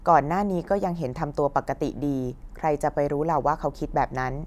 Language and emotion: Thai, neutral